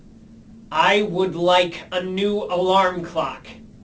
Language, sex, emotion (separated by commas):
English, male, angry